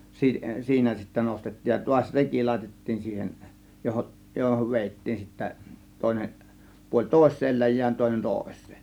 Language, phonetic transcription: Finnish, 'sii- , "siinä sittä 'nostettiij ja tuaś "reki 'làėtettiin siihen , 'johoˀ , johov 'vèittiin sittä , 'tòėneˀ , puoĺ "tòės̆seel 'läj̆jään 'tòėnen "tòės̆sEE .
- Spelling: - siinä sitten nostettiin ja taas reki laitettiin siihen johon johon vedettiin sitten toinen puoli toiseen läjään toinen toiseen

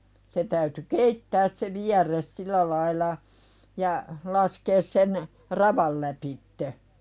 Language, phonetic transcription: Finnish, se täyty "keittääs se 'viär̀es "silä laila , ja , 'laskees sen , "raval läpitte .
- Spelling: se täytyi keittää se vierre sillä lailla ja laskea sen ravan lävitse

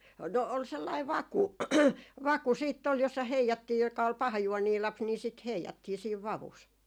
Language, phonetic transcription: Finnish, 'no ol sellai "vaku , "vaku siitt ‿ol jossa 'heijattii joka ol 'pahajuonii 'laps ni sit "heijattii siiv "vavus .
- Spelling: no oli sellainen vaku vaku sitten oli jossa heijattiin joka oli pahajuoninen lapsi niin sitä heijattiin siinä vavussa

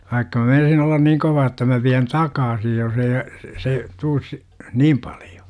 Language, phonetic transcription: Finnish, 'vaikka mä 'meinasin ollan "niiŋ 'kovaa ‿tta mä viän "takaasi jos ‿ei , se , 'tuus sI- , "niim 'palJO .
- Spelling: vaikka minä meinasin olla niin kovaa jotta minä vien takaisin jos ei se tule siitä niin paljon

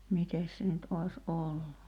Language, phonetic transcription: Finnish, 'mites se nyt '’ois "’ollu .
- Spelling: mitenkäs se nyt olisi ollut

